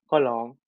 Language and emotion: Thai, neutral